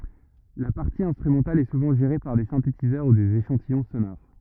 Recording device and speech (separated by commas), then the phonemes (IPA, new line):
rigid in-ear microphone, read sentence
la paʁti ɛ̃stʁymɑ̃tal ɛ suvɑ̃ ʒeʁe paʁ de sɛ̃tetizœʁ u dez eʃɑ̃tijɔ̃ sonoʁ